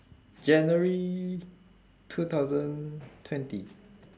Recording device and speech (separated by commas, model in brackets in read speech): standing microphone, conversation in separate rooms